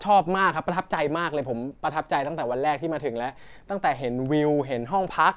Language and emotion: Thai, happy